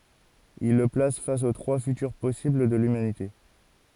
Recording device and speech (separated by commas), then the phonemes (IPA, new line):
forehead accelerometer, read sentence
il lə plas fas o tʁwa fytyʁ pɔsibl də lymanite